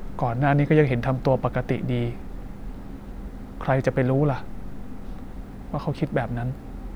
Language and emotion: Thai, sad